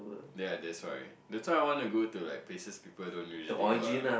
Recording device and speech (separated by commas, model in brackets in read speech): boundary microphone, conversation in the same room